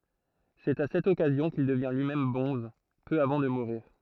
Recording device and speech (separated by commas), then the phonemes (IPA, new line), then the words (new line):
throat microphone, read sentence
sɛt a sɛt ɔkazjɔ̃ kil dəvjɛ̃ lyimɛm bɔ̃z pø avɑ̃ də muʁiʁ
C'est à cette occasion qu'il devient lui-même bonze, peu avant de mourir.